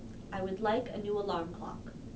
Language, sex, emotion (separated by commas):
English, female, neutral